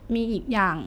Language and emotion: Thai, sad